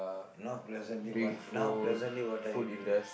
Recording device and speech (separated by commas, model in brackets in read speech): boundary microphone, conversation in the same room